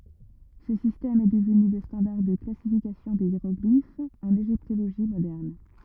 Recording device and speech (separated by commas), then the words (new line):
rigid in-ear microphone, read sentence
Ce système est devenu le standard de classification des hiéroglyphes en égyptologie moderne.